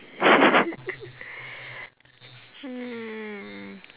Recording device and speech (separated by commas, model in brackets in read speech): telephone, conversation in separate rooms